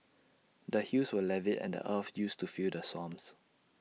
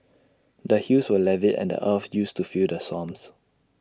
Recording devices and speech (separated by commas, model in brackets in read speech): mobile phone (iPhone 6), standing microphone (AKG C214), read sentence